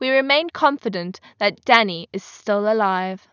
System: none